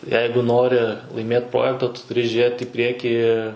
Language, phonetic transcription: Lithuanian, ˈjeigu ˈnori laiˈmėt ˈprojekta tu tuˈri ˈžėt i ˈpriekį

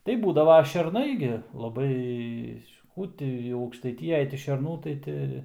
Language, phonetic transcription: Lithuanian, tai ˈbūdavo šerˈnai gi laˈbai ˈkų ti jau aukštaiˈtijaj ti šerˈnų tai ˈti

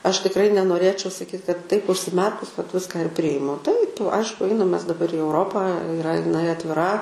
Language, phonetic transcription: Lithuanian, ˈaš tikˈrai nenoˈrėčiau saˈkyt kad taip užsiˈmerkus vat ˈviską ir ˈprijimu taip ˈaišku ˈainam ˈmes daˈbar i euˈropą iˈra iˈnai atviˈra

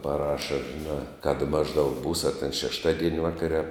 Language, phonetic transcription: Lithuanian, paˈraša žiˈnā kad ˈmažˌdaug būs a ten šešˈtadien' ˈvakare a

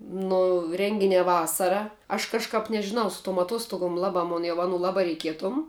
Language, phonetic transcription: Lithuanian, nu ˈrenginiā ˈvasara aš kažˈkap nežiˈnau su tuom atˈostugom ˈlabā mun jau ˈanų ˈlabā reiˈkietom

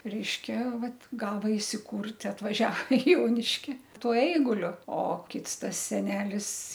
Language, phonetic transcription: Lithuanian, ˈreiškia ˈvat ˈgava isiˈkurt' atvaˈžia i ˈjoniški ˈtuo ˈeiguliu o ˈkits ˈtas seˈnelis

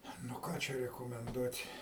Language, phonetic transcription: Lithuanian, nu ˈką čia rekomenˈduot'

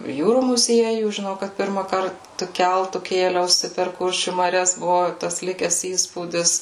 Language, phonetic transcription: Lithuanian, ˈjūrų muˈziejų žiˈnau kad ˈpirmąkart tu ˈkeltu ˈkėliausi per ˈkuršių maˈrias ˈbuvu tas ˈlikes ˈįspūdis

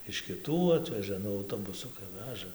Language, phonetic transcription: Lithuanian, iš kiˈtų ˈatveža ˈnu auˈtobusukai ˈveža

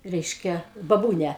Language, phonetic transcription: Lithuanian, ˈreiškia baˈbūnia

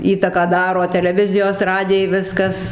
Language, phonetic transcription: Lithuanian, ˈįtaką ˈdaro teleˈvizijos ˈradijai ˈviskas

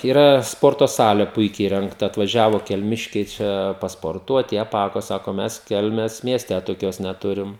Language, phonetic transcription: Lithuanian, yˈra ˈsporto ˈsalė ˈpuikiai įrengˈta atvaˈžiavo kelˈmiškiai ˈčia pasporˈtuot i aˈpako ˈsako ˈmes ˈkelmės mieˈste toˈkios neˈturim

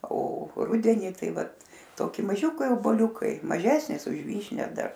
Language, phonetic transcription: Lithuanian, o ˈrudeni ˈtai ˈvat ˈtoki maˈžiukai oboˈliukai maˈžesnis už ˈvyšnia ˈdar

